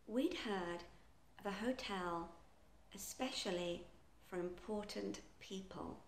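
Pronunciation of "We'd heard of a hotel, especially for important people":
The sentence is said quite slowly, and it begins with the contraction 'we'd heard' rather than 'we had heard'.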